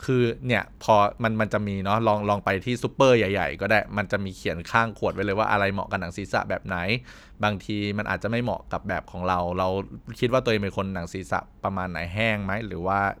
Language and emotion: Thai, neutral